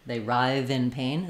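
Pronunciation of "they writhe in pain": The th at the end of 'writhe' is the same sound as in 'the' or 'that', and it links into the next word, 'in'.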